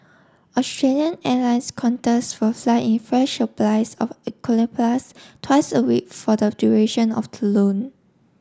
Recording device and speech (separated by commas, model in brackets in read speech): standing microphone (AKG C214), read sentence